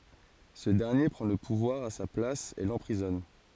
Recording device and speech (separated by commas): forehead accelerometer, read sentence